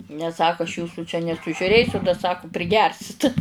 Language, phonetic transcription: Lithuanian, nes ˈsaku aš ˈjūsu čia nesužiuˈrėsiu da ˈsaku priˈgersit

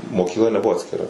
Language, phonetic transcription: Lithuanian, mokykˈla neˈbuvo atskiˈra

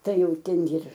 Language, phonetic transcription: Lithuanian, ˈtai ˈjau ˈten jir

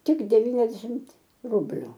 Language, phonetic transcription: Lithuanian, ˈtik deˈvyniasdešimt ˈrubliu

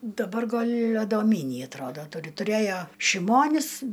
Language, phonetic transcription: Lithuanian, daˈbar ˈgal' adoˈmynį atˈrodo ˈturi tuˈrėjo šiˈmonis

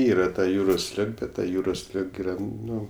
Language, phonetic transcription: Lithuanian, ˈyra ta ˈjūros ˈlig ˈbet ˈta ˈjūros ˈlig ˈyra ˈnu

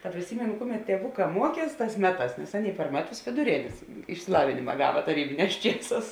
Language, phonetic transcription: Lithuanian, ta priˈsymėnu ˈkuˌmet tieˈvuˌkā ˈmuoˌkies ˈtās ˈmeˌtās nes ˈaˌnėi par ˈmeˌtus vėduˈrėnės išsiˈlavinima ˈgava taˈrybiˌnēs ˈčieˌsās

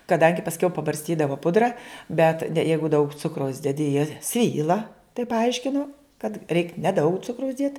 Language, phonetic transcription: Lithuanian, kaˈdangi pasˈkiau pabarsˈtydavo ˈpudra bet de ˈjeigu daug ˈcukraus deˈdi jie ˈsvyla taip paˈaiškino kad reik neˈdaug ˈcukraus ˈdiet

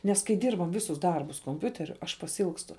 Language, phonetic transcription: Lithuanian, nes kai ˈdyrbam ˈvisus ˈdarbus komˈpiuteriu aš pasiˈilgstu

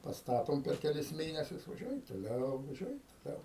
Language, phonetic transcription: Lithuanian, pasˈtatom per keˈlis ˈmėnesius vaˈžiuojam toˈliau vaˈžiuojam toˈliau

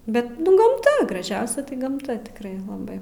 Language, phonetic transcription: Lithuanian, ˈbet gamˈta graˈžiausia tai gamˈta tikˈrai laˈbai

